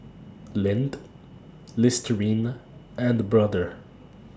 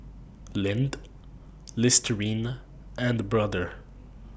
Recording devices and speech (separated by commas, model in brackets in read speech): standing microphone (AKG C214), boundary microphone (BM630), read sentence